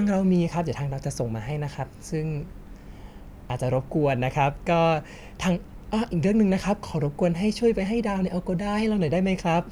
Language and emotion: Thai, happy